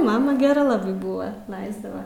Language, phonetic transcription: Lithuanian, ˈmama geˈra ˈlabai buva ˈlaisdava

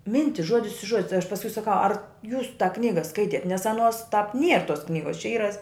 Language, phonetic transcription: Lithuanian, ˈmintis ˈžuodis i ˈžuodi tai aš pasˈkui saˈkau ar jūs tą ˈknyga ˈskaitiet nes aˈnuos tāp nier tos ˈknygos čia ˈyra

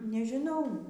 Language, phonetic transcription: Lithuanian, nežiˈnau

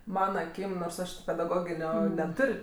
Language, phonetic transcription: Lithuanian, ˈmana aˈkym nors ˈaš ti pedaˈgoginio neˈtur'

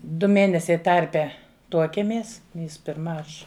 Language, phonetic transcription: Lithuanian, ˈdu ˈmėnesiai ˈtarpe ˈtuokiemės jis pirˈma ˈaš

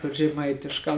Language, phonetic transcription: Lithuanian, kur žeˈmaitiškā

